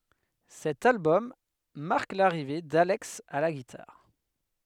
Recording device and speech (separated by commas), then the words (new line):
headset microphone, read sentence
Cet album marque l'arrivée d'Alex à la guitare.